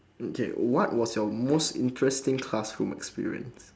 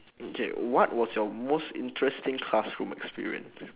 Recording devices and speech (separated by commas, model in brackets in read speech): standing microphone, telephone, conversation in separate rooms